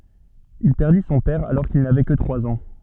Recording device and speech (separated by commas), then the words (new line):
soft in-ear microphone, read sentence
Il perdit son père alors qu’il n’avait que trois ans.